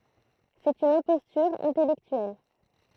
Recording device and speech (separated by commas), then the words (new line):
throat microphone, read sentence
C'est une imposture intellectuelle.